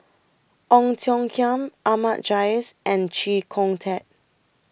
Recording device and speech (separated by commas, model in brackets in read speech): boundary microphone (BM630), read sentence